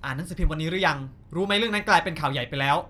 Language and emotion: Thai, angry